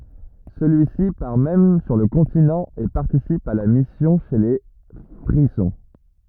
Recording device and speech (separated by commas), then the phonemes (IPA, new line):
rigid in-ear microphone, read sentence
səlyisi paʁ mɛm syʁ lə kɔ̃tinɑ̃ e paʁtisip a la misjɔ̃ ʃe le fʁizɔ̃